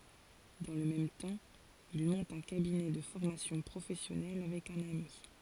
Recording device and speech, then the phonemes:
forehead accelerometer, read sentence
dɑ̃ lə mɛm tɑ̃ il mɔ̃t œ̃ kabinɛ də fɔʁmasjɔ̃ pʁofɛsjɔnɛl avɛk œ̃n ami

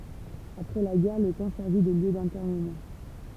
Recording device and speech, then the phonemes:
temple vibration pickup, read sentence
apʁɛ la ɡɛʁ lə kɑ̃ sɛʁvi də ljø dɛ̃tɛʁnəmɑ̃

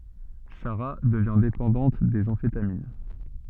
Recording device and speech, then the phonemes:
soft in-ear microphone, read sentence
saʁa dəvjɛ̃ depɑ̃dɑ̃t dez ɑ̃fetamin

